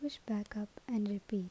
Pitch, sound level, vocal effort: 210 Hz, 75 dB SPL, soft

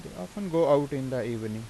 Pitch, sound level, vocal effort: 140 Hz, 88 dB SPL, normal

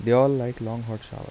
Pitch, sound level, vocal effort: 120 Hz, 82 dB SPL, soft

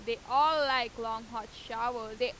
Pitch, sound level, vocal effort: 235 Hz, 96 dB SPL, loud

